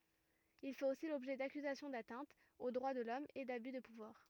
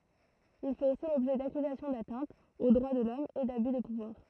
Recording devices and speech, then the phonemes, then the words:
rigid in-ear microphone, throat microphone, read sentence
il fɛt osi lɔbʒɛ dakyzasjɔ̃ datɛ̃tz o dʁwa də lɔm e daby də puvwaʁ
Il fait aussi l'objet d'accusations d'atteintes aux droits de l'Homme et d'abus de pouvoir.

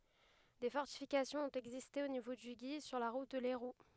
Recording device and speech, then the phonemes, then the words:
headset microphone, read sentence
de fɔʁtifikasjɔ̃z ɔ̃t ɛɡziste o nivo dy ɡi syʁ la ʁut də lɛʁu
Des fortifications ont existé au niveau du Guy, sur la route de Lairoux.

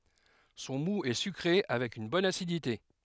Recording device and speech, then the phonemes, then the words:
headset microphone, read sentence
sɔ̃ mu ɛ sykʁe avɛk yn bɔn asidite
Son moût est sucré avec une bonne acidité.

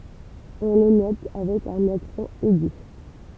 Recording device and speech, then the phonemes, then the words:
temple vibration pickup, read sentence
ɔ̃ lə nɔt avɛk œ̃n aksɑ̃ ɛɡy
On le note avec un accent aigu.

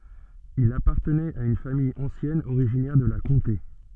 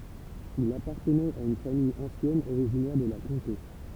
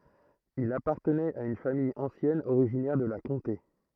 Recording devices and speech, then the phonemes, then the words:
soft in-ear microphone, temple vibration pickup, throat microphone, read sentence
il apaʁtənɛt a yn famij ɑ̃sjɛn oʁiʒinɛʁ də la kɔ̃te
Il appartenait à une famille ancienne originaire de la Comté.

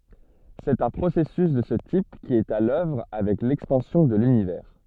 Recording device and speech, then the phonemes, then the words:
soft in-ear microphone, read sentence
sɛt œ̃ pʁosɛsys də sə tip ki ɛt a lœvʁ avɛk lɛkspɑ̃sjɔ̃ də lynivɛʁ
C'est un processus de ce type qui est à l'œuvre avec l'expansion de l'Univers.

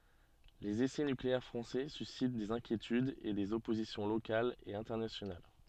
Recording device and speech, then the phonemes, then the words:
soft in-ear microphone, read sentence
lez esɛ nykleɛʁ fʁɑ̃sɛ sysit dez ɛ̃kjetydz e dez ɔpozisjɔ̃ lokalz e ɛ̃tɛʁnasjonal
Les essais nucléaires français suscitent des inquiétudes et des oppositions locales et internationales.

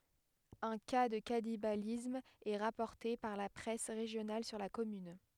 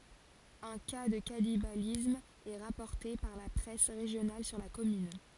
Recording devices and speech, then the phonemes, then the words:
headset microphone, forehead accelerometer, read sentence
œ̃ ka də kanibalism ɛ ʁapɔʁte paʁ la pʁɛs ʁeʒjonal syʁ la kɔmyn
Un cas de cannibalisme est rapporté par la presse régionale sur la commune.

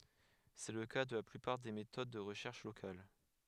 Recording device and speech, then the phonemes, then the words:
headset microphone, read sentence
sɛ lə ka də la plypaʁ de metod də ʁəʃɛʁʃ lokal
C’est le cas de la plupart des méthodes de recherche locale.

